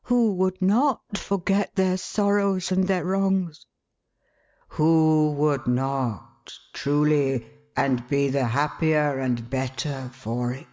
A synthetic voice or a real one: real